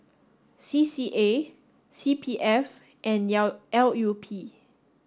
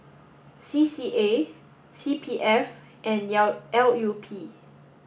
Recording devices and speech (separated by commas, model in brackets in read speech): standing microphone (AKG C214), boundary microphone (BM630), read sentence